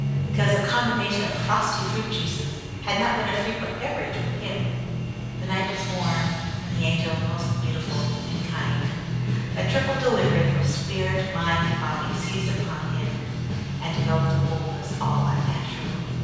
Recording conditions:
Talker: one person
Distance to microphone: 7.1 m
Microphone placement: far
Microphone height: 1.7 m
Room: very reverberant, large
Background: music

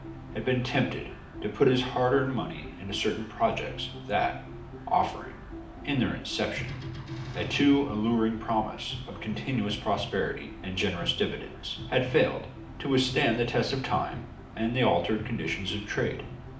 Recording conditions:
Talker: one person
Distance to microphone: 2.0 m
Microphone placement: close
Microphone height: 99 cm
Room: medium-sized (5.7 m by 4.0 m)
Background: music

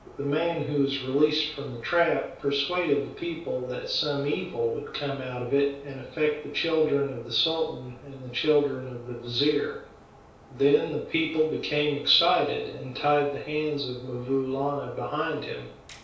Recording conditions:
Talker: one person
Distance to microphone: 3.0 m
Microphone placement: far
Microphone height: 1.8 m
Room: small (3.7 m by 2.7 m)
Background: none

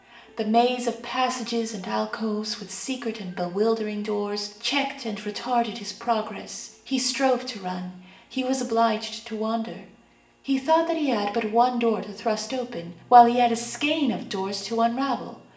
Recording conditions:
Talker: one person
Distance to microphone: 1.8 m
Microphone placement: close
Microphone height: 1.0 m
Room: large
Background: television

